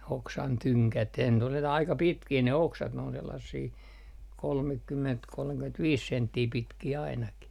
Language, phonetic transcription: Finnish, oksan 'tyŋkät aika 'pitkii ne 'oksat n ‿oon sellassii , 'kolmekkymment kolmekyment'viis "senttii 'pitkii ainaki .
- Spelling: oksan tyngät aika pitkiä ne oksat ne on sellaisia kolmekymmentä kolmekymmentäviisi senttiä pitkiä ainakin

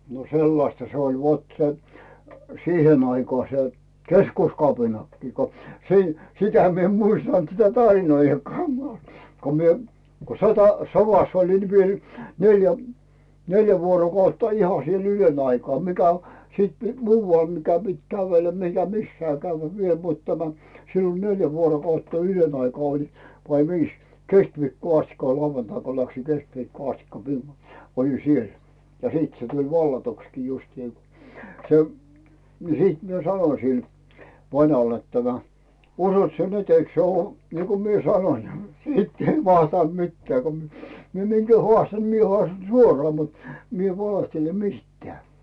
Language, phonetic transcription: Finnish, no "sellasta 'se oĺ vot 'se , "siihen aikaa 'se , "keskuskapinakkii ko , 'sii- , 'sitä mi ‿em 'muistant sitä "tarinoijjakkaa ko 'mie , ko 'sota- , 'sovas olin ni 'mie oĺi , 'neljä , "neljä 'vuorokautta iha siel 'ylön aikaa mikä o- , siit "muuval mikä pit kävellä mikä 'missää käyvvä viel mut tämä , 'siin oĺ 'neljä vuorokautta "ylön aikaa olin vai 'viis , "keskviikkoo astikka ko 'lauvantai ko läksiŋ 'keskviikkoo astikka mi- olin̬ "siel , ja "siit se tuĺ 'vallatukskii justii , se , ni 'siit mie "sanoⁱsil , 'vanall ‿et tämä , » 'usot sie "nyt 'eik se ‿ᵘò , niiko mie "sanoⁱn « , 'siitt ‿ei vastànt 'mittᵉä̀ ko mi- , 'mie minGä "hᵒàstan̬ ni mie 'hᵒàstan̬ "suoraa mut , 'mi ‿ev "valehtele 'miˢttᵉä̀ .
- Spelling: no sellaista se oli vot se siihen aikaan se keskuskapinakin kun - sitä minä en muistanut sitä tarinoidakaan kun minä kun - sodassa olin niin minä olin neljä neljä vuorokautta ihan siellä ylen aikaa mikä - sitten muualla mikä piti kävellä mikä missään käydä vielä mutta tämä siinä oli neljä vuorokautta ylen aikaa olin vai viisi keskiviikkoon asti kun lauantaina kun lähdin keskiviikkoon asti - olin siellä ja sitten se tuli vallatuksikin justiin se niin sitten minä sanoin sille vanhalle että tämä uskot sinä nyt eikö se ole niin kuin minä sanoin sitten ei vastannut mitään kun - minä minkä haastan niin minä haastan suoraan mutta minä en valehtele mistään

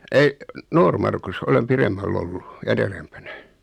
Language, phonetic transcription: Finnish, 'ei , 'Noormarkus 'olem "piremmäll ‿ollu , 'en erempänä .
- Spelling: ei Noormarkussa olen pidemmällä ollut en edempänä

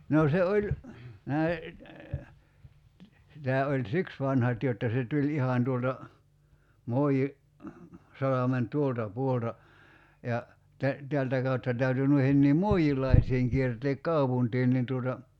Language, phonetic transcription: Finnish, noo se 'oĺ , 'näi , si- 'tää oĺ "siks 'vanhat jotta se 'tuĺ "ihan tuolta , 'Moiji- , 'salamen "tuolta 'puolta , ja , 'tä- , 'teältä kautta 'täyty 'nuihenniim "mu̬i₍il̀aisiiŋ kierteek "kaupuntiin nin tuota ,.
- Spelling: no se oli näin - tämä oli siksi vanhat jotta se tuli ihan tuolta - Moinsalmen tuolta puolelta ja - täältä kautta täytyi noidenkin moilaisten kiertää kaupunkiin niin tuota

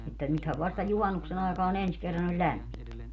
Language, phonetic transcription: Finnish, että 'nythäv 'vasta "juhannuksen ‿àekaa'n ‿ens kerran ‿oĺ "ĺämmint .
- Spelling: että nythän vasta juhannuksen aikaan ensi kerran oli lämmintä

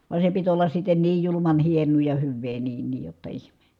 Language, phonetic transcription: Finnish, va se pit ollas sitten niij juluman hien̆nuu ja hyvvee niin niij jotta ihme .
- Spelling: vaan se piti olla sitten niin julman hienoa ja hyvää niin niin jotta ihme

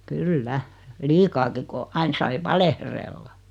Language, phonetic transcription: Finnish, kyl"lä , 'liikaaki ko , 'ain sai "valehrella .
- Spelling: kyllä liikaakin kun aina sai valehdella

